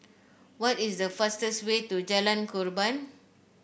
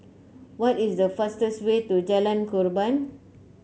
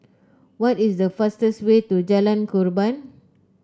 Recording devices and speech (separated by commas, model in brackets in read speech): boundary microphone (BM630), mobile phone (Samsung C9), close-talking microphone (WH30), read sentence